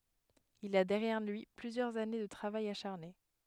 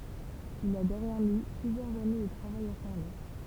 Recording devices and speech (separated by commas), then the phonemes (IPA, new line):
headset microphone, temple vibration pickup, read sentence
il a dɛʁjɛʁ lyi plyzjœʁz ane də tʁavaj aʃaʁne